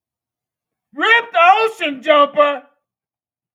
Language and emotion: English, disgusted